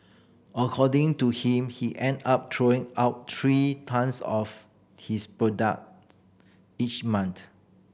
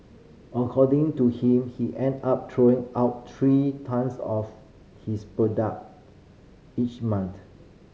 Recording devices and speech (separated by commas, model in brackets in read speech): boundary microphone (BM630), mobile phone (Samsung C5010), read sentence